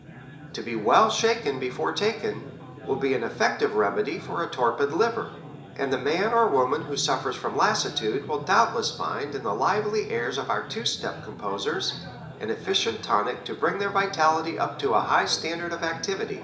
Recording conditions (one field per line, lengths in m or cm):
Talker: one person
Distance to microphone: 1.8 m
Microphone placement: close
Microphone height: 1.0 m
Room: large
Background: babble